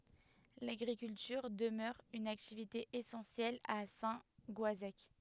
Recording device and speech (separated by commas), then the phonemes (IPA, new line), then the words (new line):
headset microphone, read sentence
laɡʁikyltyʁ dəmœʁ yn aktivite esɑ̃sjɛl a sɛ̃ ɡɔazɛk
L'agriculture demeure une activité essentielle à Saint-Goazec.